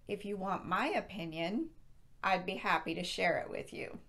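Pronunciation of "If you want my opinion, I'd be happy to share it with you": The voice rises at the comma after 'If you want my opinion', which shows that the sentence is not finished yet.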